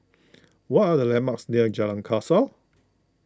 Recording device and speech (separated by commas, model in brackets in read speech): close-talking microphone (WH20), read sentence